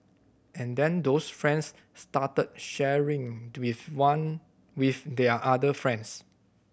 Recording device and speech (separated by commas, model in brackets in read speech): boundary microphone (BM630), read sentence